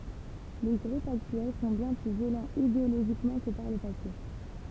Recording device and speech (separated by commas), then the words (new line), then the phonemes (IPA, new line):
temple vibration pickup, read sentence
Les groupes actuels sont bien plus violents idéologiquement que par le passé.
le ɡʁupz aktyɛl sɔ̃ bjɛ̃ ply vjolɑ̃z ideoloʒikmɑ̃ kə paʁ lə pase